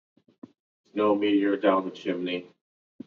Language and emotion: English, neutral